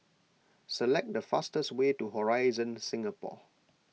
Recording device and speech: mobile phone (iPhone 6), read sentence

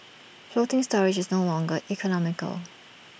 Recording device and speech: boundary microphone (BM630), read sentence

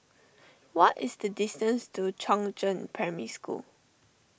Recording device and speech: boundary microphone (BM630), read sentence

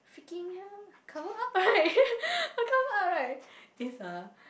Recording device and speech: boundary microphone, conversation in the same room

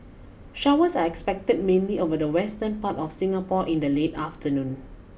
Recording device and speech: boundary microphone (BM630), read sentence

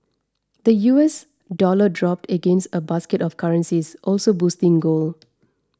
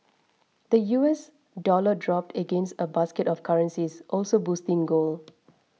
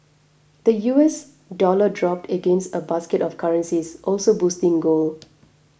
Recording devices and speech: standing microphone (AKG C214), mobile phone (iPhone 6), boundary microphone (BM630), read sentence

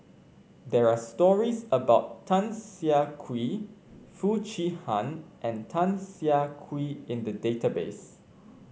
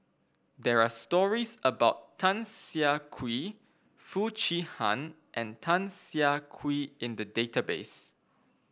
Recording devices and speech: mobile phone (Samsung C5), boundary microphone (BM630), read sentence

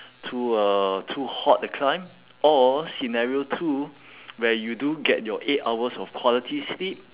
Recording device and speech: telephone, conversation in separate rooms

